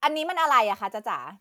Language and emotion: Thai, angry